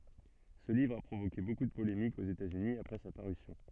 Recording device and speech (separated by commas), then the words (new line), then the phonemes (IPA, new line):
soft in-ear microphone, read sentence
Ce livre a provoqué beaucoup de polémiques aux États-Unis après sa parution.
sə livʁ a pʁovoke boku də polemikz oz etatsyni apʁɛ sa paʁysjɔ̃